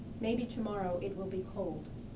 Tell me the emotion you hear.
neutral